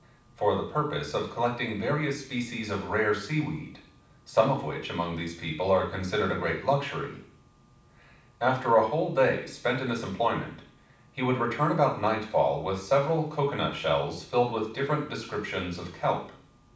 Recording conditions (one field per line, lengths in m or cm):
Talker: one person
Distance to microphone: 5.8 m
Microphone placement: far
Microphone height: 1.8 m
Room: medium-sized (5.7 m by 4.0 m)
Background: none